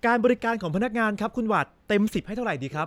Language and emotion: Thai, happy